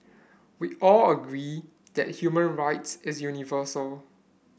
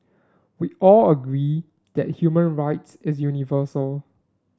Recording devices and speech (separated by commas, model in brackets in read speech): boundary microphone (BM630), standing microphone (AKG C214), read sentence